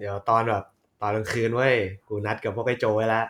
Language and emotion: Thai, happy